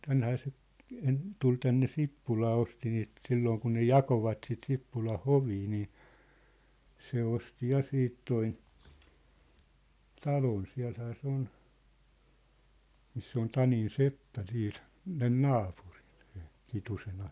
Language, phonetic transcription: Finnish, tänhää se , en- , 'tul tänne 'Sippulaa osti niit , 'sillooŋ kun ne "jakovat sit 'Sippulan̬ "hovii nii , 'se osti 'ja 'siit toin̬ , "talon 'siä̭lhää 'se ‿on , 'miss ‿on "Tanin "seppä 'sii(n̬) , sen "naapurɪɴ sᴇ , 'Kitusen ‿a- ,.
- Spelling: tännehän se - tuli tänne Sippulaan osti niitä silloin kun ne jakoivat sitten Sippulan hovia niin se osti ja siitä tuon talon siellähän se on missä on Tanin seppä siinä sen naapurin se Kitusen -

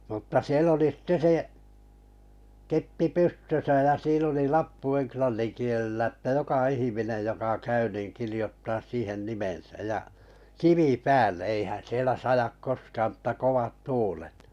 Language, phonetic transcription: Finnish, mutta 'siel ‿oli sitte 'se , 'keppi "pystösa ja 'siin ‿oli "lappu 'enklannin kielella ‿ttä "joka 'ihiminej joka 'käy nìn 'kirijottaas "siihen 'nimensäʲ ja , 'kivi "päälle eihän̬ 'sielä 'sajak "koskaam m̥tta 'kovat "tuulet .
- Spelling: mutta siellä oli sitten se keppi pystössä ja siinä oli lappu englannin kielellä että joka ihminen joka käy niin kirjoittaa siihen nimensä ja kivi päälle eihän siellä sada koskaan mutta kovat tuulet

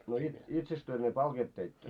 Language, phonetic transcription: Finnish, no it- 'itseks työ ne 'palkeet teittö ?
- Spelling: no - itsekös te ne palkeet teitte

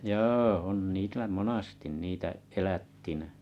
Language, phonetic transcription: Finnish, 'jo ôn niilä "monastin 'niitä 'elättinᴀ̈ .
- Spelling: joo on niillä monasti niitä elättinä

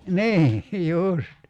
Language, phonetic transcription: Finnish, "ni , 'just .
- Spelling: niin just

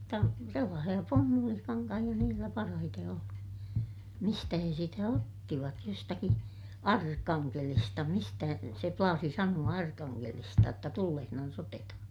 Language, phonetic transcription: Finnish, mutta , sellaasiʲa pummulikaŋkahiʲa niillä parahite oli , mistä he sitä ottivat jostaki , Arkkaŋkelista mistä , se plaasi sanu₍a Arkaŋŋelista jotta tullehnans ‿oteta(ha) .
- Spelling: mutta sellaisia pumpulikankaita niillä parhaiten oli mistä he sitä ottivat jostakin Arkangelista mistä se plaasi sanoa Arkangelista jotta tullessaan otetaan

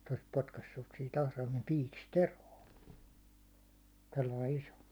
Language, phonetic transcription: Finnish, se olis 'potkassus sit ahraimem 'piikis"t ‿eroo , tollai 'iso .
- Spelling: se olisi potkaissut sitten atraimen piikistä eroon tuollainen iso

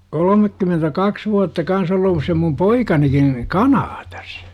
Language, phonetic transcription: Finnish, kolomekkymentä'kaks vuatta 'kans ol̆luus se mum "poikanikin , "KanaatAs .
- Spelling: kolmekymmentäkaksi vuotta kanssa olleet se minun poikanikin Kanadassa

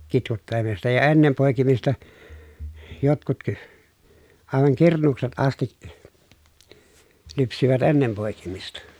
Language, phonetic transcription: Finnish, kitkuttele(m̀aan sitä) ja ennem pòi̮kimista , jotkut ky- , àevaŋ kurnuukset asti(k) , lypsivät ennem pòi̮kimista .
- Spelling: kitkuttelemaan sitä ja ennen poikimista jotkut - aivan kurnuukset asti lypsivät ennen poikimista

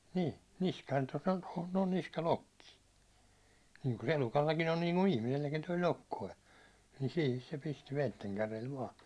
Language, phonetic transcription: Finnish, 'ni , 'niskaan tos ‿on tohon noon 'niska"lokki , niiŋku se 'elukallakin ‿on niiŋku 'ihmiselläkin toi "lokkoi , ni 'siihis se pisti 'veitteŋkärel vaa .
- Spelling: niin niskaan tuossa on tuohon noin niskalokki niin kuin se elukallakin on niin kuin ihmiselläkin tuo lokkonen niin siihen se pisti veitsenkärjellä vain

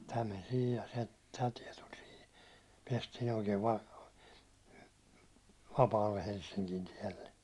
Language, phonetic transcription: Finnish, tä men 'sihij ja se , tä tiɛ tul 'sihi , 'piɛstiin ‿oikee va- , 'vapaalle 'Helssiŋkin tiɛlle .
- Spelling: tämä meni siihen ja se tämä tie tuli siihen päästiin oikein - vapaalle Helsingin tielle

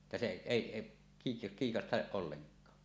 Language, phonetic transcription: Finnish, että se "èi , kii- 'kiikastaˀ 'ˀolleŋk̀aa .
- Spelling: että se ei - kiikasta ollenkaan

